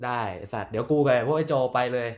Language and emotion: Thai, neutral